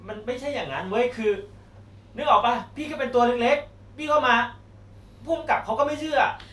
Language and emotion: Thai, frustrated